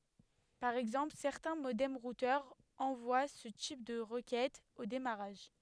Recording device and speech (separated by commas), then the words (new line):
headset microphone, read sentence
Par exemple, certains modems-routeurs envoient ce type de requêtes au démarrage.